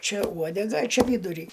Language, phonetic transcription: Lithuanian, ˈčia ˈuodega a ˈčiaˈvydurį

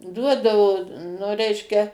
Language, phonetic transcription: Lithuanian, ˈduodavo nu ˈreiškia

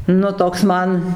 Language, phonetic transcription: Lithuanian, nu ˈtoks ˈman

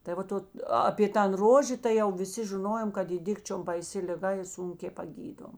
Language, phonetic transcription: Lithuanian, tai ˈvat ˈot apė ˈtan ˈrožė tai ˈjau viˈsi žiˈnojom kad ˈy ˈdikčiom baiˈsi liˈga i ˈsunkė paˈgydom

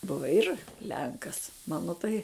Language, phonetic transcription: Lithuanian, ˈbuva ˈir ˈlenkas ˈmano tai

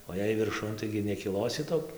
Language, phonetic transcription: Lithuanian, o jei virˈšun ˈtaigi nekiˈlosi ˈtok'

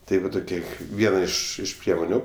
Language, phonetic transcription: Lithuanian, ˈtai va ˈtokie ˈviena ˈiš iš ˈpriemoniu

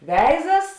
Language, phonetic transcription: Lithuanian, ˈveizas

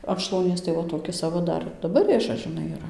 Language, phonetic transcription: Lithuanian, an šlauˈnies tai ˈva toˈkis aˈva daˈbar ˈrėžas žiˈnai yˈra

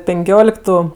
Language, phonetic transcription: Lithuanian, penˈkioliktu

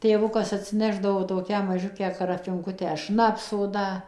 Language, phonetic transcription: Lithuanian, tėˈvukas atsiˈnešdavo toˈkią maˈžiukę karafinˈkutę ˈšnapso ˈda

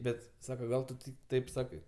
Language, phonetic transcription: Lithuanian, ˈbet ˈsaka ˈgal tu tik ˈtaip ˈsakai

